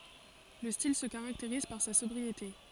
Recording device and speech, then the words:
forehead accelerometer, read sentence
Le style se caractérise par sa sobriété.

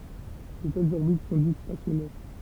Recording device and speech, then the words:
temple vibration pickup, read sentence
De telles orbites sont dites stationnaires.

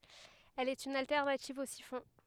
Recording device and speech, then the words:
headset microphone, read sentence
Elle est une alternative au siphon.

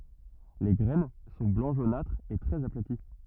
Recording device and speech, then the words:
rigid in-ear microphone, read sentence
Les graines sont blanc jaunâtre et très aplaties.

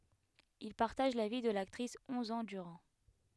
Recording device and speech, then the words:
headset microphone, read sentence
Il partage la vie de l'actrice onze ans durant.

